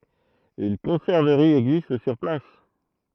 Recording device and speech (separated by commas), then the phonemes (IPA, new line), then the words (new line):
throat microphone, read sentence
yn kɔ̃sɛʁvəʁi ɛɡzist syʁ plas
Une conserverie existe sur place.